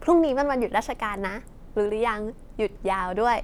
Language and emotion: Thai, happy